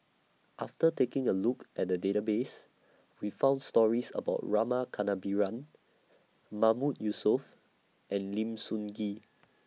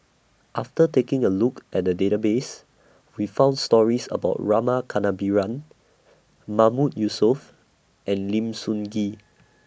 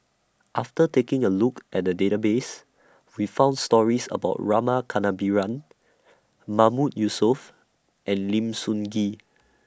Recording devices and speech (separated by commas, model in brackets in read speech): mobile phone (iPhone 6), boundary microphone (BM630), standing microphone (AKG C214), read sentence